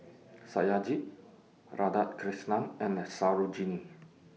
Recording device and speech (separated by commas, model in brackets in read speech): mobile phone (iPhone 6), read sentence